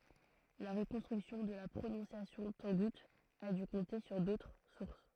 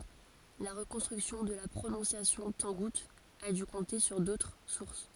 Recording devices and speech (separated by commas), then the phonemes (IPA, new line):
throat microphone, forehead accelerometer, read sentence
la ʁəkɔ̃stʁyksjɔ̃ də la pʁonɔ̃sjasjɔ̃ tɑ̃ɡut a dy kɔ̃te syʁ dotʁ suʁs